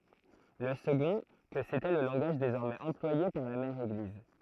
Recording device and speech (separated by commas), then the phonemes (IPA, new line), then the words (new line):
throat microphone, read sentence
lə səɡɔ̃ kə setɛ lə lɑ̃ɡaʒ dezɔʁmɛz ɑ̃plwaje paʁ la mɛʁ eɡliz
Le second, que c'était le langage désormais employé par la mère Église.